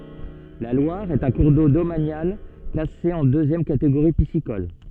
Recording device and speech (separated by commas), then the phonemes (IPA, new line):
soft in-ear microphone, read sentence
la lwaʁ ɛt œ̃ kuʁ do domanjal klase ɑ̃ døzjɛm kateɡoʁi pisikɔl